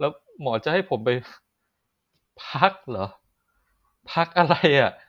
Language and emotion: Thai, sad